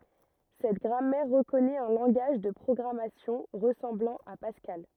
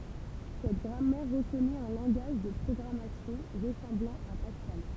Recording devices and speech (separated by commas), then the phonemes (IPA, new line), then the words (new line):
rigid in-ear microphone, temple vibration pickup, read sentence
sɛt ɡʁamɛʁ ʁəkɔnɛt œ̃ lɑ̃ɡaʒ də pʁɔɡʁamasjɔ̃ ʁəsɑ̃blɑ̃ a paskal
Cette grammaire reconnaît un langage de programmation ressemblant à Pascal.